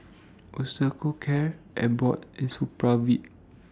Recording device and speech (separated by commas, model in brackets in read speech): standing microphone (AKG C214), read sentence